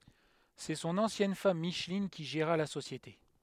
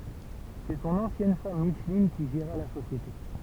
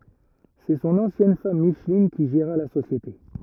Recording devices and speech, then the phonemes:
headset microphone, temple vibration pickup, rigid in-ear microphone, read sentence
sɛ sɔ̃n ɑ̃sjɛn fam miʃlin ki ʒeʁa la sosjete

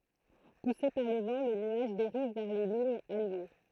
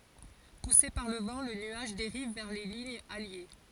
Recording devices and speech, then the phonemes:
throat microphone, forehead accelerometer, read sentence
puse paʁ lə vɑ̃ lə nyaʒ deʁiv vɛʁ le liɲz alje

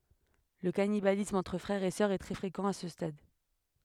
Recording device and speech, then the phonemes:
headset microphone, read sentence
lə kanibalism ɑ̃tʁ fʁɛʁz e sœʁz ɛ tʁɛ fʁekɑ̃ a sə stad

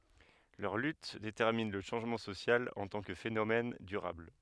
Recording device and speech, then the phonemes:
headset microphone, read sentence
lœʁ lyt detɛʁmin lə ʃɑ̃ʒmɑ̃ sosjal ɑ̃ tɑ̃ kə fenomɛn dyʁabl

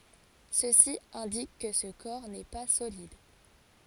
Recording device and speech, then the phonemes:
forehead accelerometer, read sentence
səsi ɛ̃dik kə sə kɔʁ nɛ pa solid

